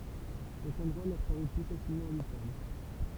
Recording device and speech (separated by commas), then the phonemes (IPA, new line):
temple vibration pickup, read sentence
sɛt ɑ̃dʁwa lœʁ paʁy ply fasilmɑ̃ abitabl